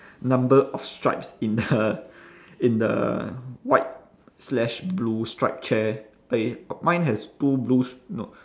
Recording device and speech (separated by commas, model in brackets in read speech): standing microphone, conversation in separate rooms